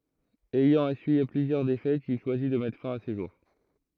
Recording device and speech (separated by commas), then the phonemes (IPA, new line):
throat microphone, read sentence
ɛjɑ̃ esyije plyzjœʁ defɛtz il ʃwazi də mɛtʁ fɛ̃ a se ʒuʁ